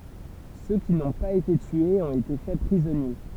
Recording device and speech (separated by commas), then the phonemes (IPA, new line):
temple vibration pickup, read sentence
sø ki nɔ̃ paz ete tyez ɔ̃t ete fɛ pʁizɔnje